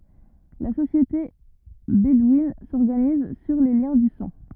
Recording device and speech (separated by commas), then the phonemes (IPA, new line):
rigid in-ear microphone, read sentence
la sosjete bedwin sɔʁɡaniz syʁ le ljɛ̃ dy sɑ̃